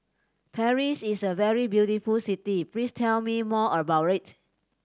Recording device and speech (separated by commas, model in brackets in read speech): standing microphone (AKG C214), read sentence